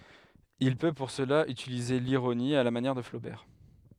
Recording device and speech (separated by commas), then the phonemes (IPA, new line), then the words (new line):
headset microphone, read sentence
il pø puʁ səla ytilize liʁoni a la manjɛʁ də flobɛʁ
Il peut pour cela utiliser l'ironie, à la manière de Flaubert.